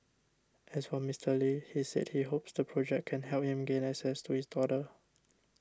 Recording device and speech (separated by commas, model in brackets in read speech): standing microphone (AKG C214), read sentence